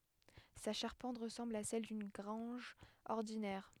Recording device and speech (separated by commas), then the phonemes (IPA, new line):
headset microphone, read sentence
sa ʃaʁpɑ̃t ʁəsɑ̃bl a sɛl dyn ɡʁɑ̃ʒ ɔʁdinɛʁ